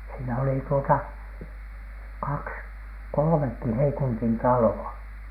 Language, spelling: Finnish, siinä oli tuota kaksi kolmekin Heikuntin taloa
- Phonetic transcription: siinä oli tuota , "kaks , "kolᵒmekki 'Heikuntin 'talo₍a .

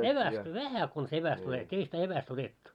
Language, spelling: Finnish, evästä vähän konsa evästä otettiin ei sitä evästä otettu
- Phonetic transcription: 'evästä "vähä kons 'eväst ‿otet́t́ii , 'ei sitä 'eväs't ‿otettu .

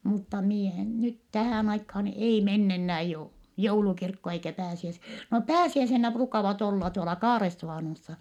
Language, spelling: Finnish, mutta minä en nyt tähän aikaan ei mennä enää - joulukirkko eikä - no pääsiäisenä ruukaavat olla tuolla Kaaresuvannossa
- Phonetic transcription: mutta mie en nyt tähä̀n aikhaan ei menn ‿ennää jou- , joulukirkko eikä pääsiäs- , no pääsiäisennä pruukavat olla tuola Kaaressuvànossa .

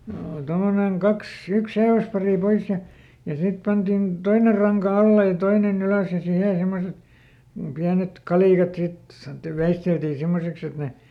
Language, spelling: Finnish, oli tuommoinen kaksi yksi seiväspari pois ja ja sitten pantiin toinen ranka alle ja toinen ylös ja siihen semmoiset pienet kalikat sitten sanottiin veisteltiin semmoiseksi että ne
- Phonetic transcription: ool ˈtommoneŋ ˈkaks , ˈyks seiväsparì ˈpois ja , ja ˈsit pantin , "toiner̆ raŋka ˈalle ja "toineˈn ‿ylö̀s ja ˈsihe ˈsemmoset , ˈpiänet "kalìkat sit , sanᵒttiv ˈveisteltii ˈsimmoseks ‿et ne ,.

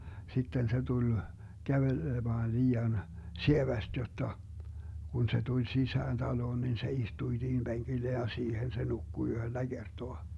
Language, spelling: Finnish, sitten se tuli kävelemään liian sievästi jotta kun se tuli sisään taloon niin se istui siihen penkille ja siihen se nukkui yhdellä kertaa
- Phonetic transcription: 'sitten se 'tuĺ , 'kävelemaan 'lii₍an , "sieväst 'jotta , kun 'se 'tuĺ "sisään 'taloon nin se 'istuⁱ siihim 'BeŋGillen ja 'siihen se 'nukku 'yhöllä "Gertoa .

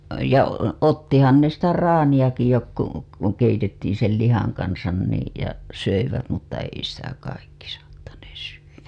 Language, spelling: Finnish, ja ottihan ne sitä traaniakin jotkut kun keitettiin sen lihan kanssa niin ja söivät mutta ei sitä kaikki saattaneet syödä
- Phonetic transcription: ja , ottihan ne sitä 'raaniʲaki jokku , kuŋ keitettiin̬ sel 'lihaŋ kansan niij ja , 'söivät mutta ei sitä kaikki saattanees (syywä) .

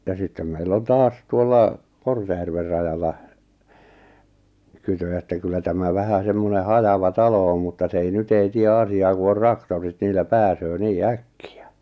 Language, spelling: Finnish, ja sitten meillä on taas tuolla Kortejärven rajalla kytö että kyllä tämä vähän semmoinen hajava talo on mutta se ei nyt ei tee asiaa kun on traktorit niillä pääsee niin äkkiä
- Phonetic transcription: ja 'sittem meil'l ‿on "taas 'tuolla , 'Kortejärver rajalla , 'kytö että kyllä tämä 'vähä 'semmone 'hajava "talo om mutta s ‿ei 'nyt ‿ei 'tie 'asi₍aa ku or "raktorit 'niil̆lä "pääsöö 'nii "äkki₍ä .

